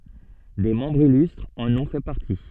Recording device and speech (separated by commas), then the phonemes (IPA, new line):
soft in-ear microphone, read sentence
de mɑ̃bʁz ilystʁz ɑ̃n ɔ̃ fɛ paʁti